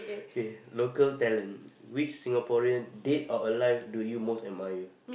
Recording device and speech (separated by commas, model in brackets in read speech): boundary microphone, conversation in the same room